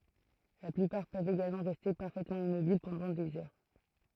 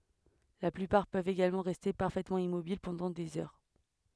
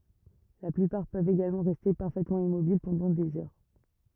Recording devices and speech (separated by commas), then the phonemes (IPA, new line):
throat microphone, headset microphone, rigid in-ear microphone, read sentence
la plypaʁ pøvt eɡalmɑ̃ ʁɛste paʁfɛtmɑ̃ immobil pɑ̃dɑ̃ dez œʁ